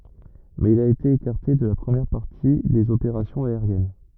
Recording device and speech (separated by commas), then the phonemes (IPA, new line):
rigid in-ear microphone, read sentence
mɛz il a ete ekaʁte də la pʁəmjɛʁ paʁti dez opeʁasjɔ̃z aeʁjɛn